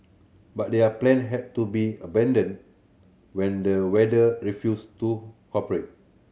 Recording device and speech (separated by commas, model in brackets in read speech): mobile phone (Samsung C7100), read sentence